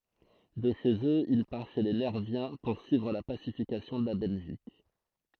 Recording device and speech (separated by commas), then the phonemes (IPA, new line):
throat microphone, read sentence
də ʃez øz il paʁ ʃe le nɛʁvjɛ̃ puʁsyivʁ la pasifikasjɔ̃ də la bɛlʒik